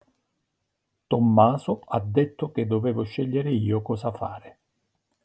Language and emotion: Italian, neutral